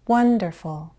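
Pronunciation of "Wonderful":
'Wonderful' is said sarcastically, with a rise-fall intonation: a quick, high rise before the fall.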